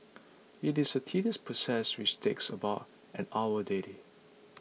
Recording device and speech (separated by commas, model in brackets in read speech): mobile phone (iPhone 6), read sentence